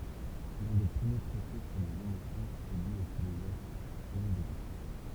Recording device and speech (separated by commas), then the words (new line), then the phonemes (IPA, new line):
temple vibration pickup, read sentence
L'un des premiers traités sur les émotions est dû au philosophe René Descartes.
lœ̃ de pʁəmje tʁɛte syʁ lez emosjɔ̃z ɛ dy o filozɔf ʁəne dɛskaʁt